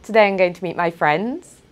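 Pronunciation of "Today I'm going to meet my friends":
'Today I'm going to meet my friends' is said with rising intonation, so it sounds as if the speaker has more to say.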